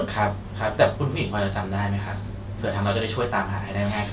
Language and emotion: Thai, neutral